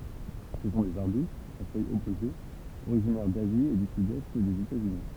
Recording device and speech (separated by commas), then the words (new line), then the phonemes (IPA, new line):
temple vibration pickup, read sentence
Ce sont des arbustes, à feuilles opposées, originaires d'Asie et du sud-est des États-Unis.
sə sɔ̃ dez aʁbystz a fœjz ɔpozez oʁiʒinɛʁ dazi e dy sydɛst dez etatsyni